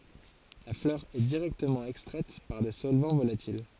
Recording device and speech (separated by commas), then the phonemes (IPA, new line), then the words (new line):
forehead accelerometer, read sentence
la flœʁ ɛ diʁɛktəmɑ̃ ɛkstʁɛt paʁ de sɔlvɑ̃ volatil
La fleur est directement extraite par des solvants volatils.